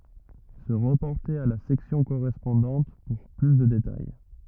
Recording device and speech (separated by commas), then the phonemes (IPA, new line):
rigid in-ear microphone, read sentence
sə ʁəpɔʁte a la sɛksjɔ̃ koʁɛspɔ̃dɑ̃t puʁ ply də detaj